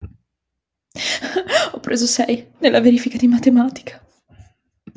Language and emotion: Italian, sad